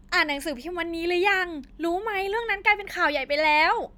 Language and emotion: Thai, happy